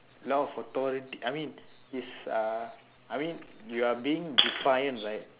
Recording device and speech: telephone, conversation in separate rooms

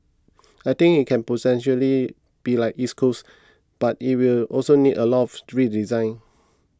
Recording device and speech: close-talking microphone (WH20), read sentence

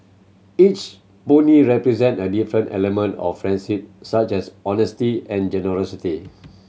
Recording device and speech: mobile phone (Samsung C7100), read sentence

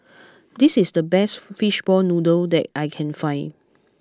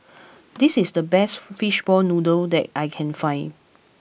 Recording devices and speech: close-talking microphone (WH20), boundary microphone (BM630), read sentence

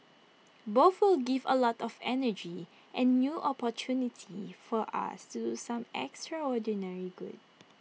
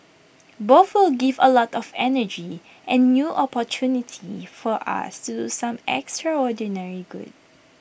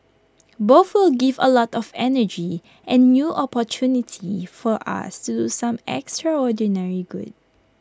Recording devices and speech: mobile phone (iPhone 6), boundary microphone (BM630), close-talking microphone (WH20), read sentence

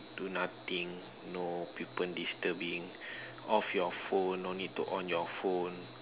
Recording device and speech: telephone, conversation in separate rooms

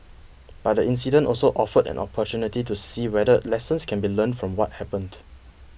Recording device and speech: boundary microphone (BM630), read sentence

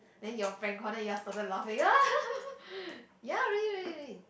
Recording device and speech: boundary microphone, conversation in the same room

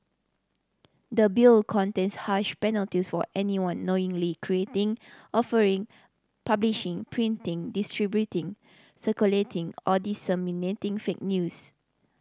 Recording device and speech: standing microphone (AKG C214), read sentence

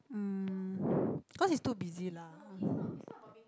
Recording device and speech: close-talking microphone, conversation in the same room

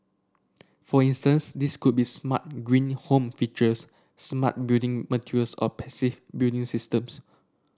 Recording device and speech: standing microphone (AKG C214), read sentence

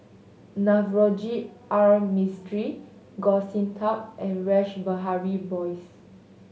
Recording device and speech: mobile phone (Samsung S8), read sentence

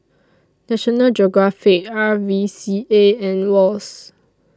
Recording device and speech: standing microphone (AKG C214), read sentence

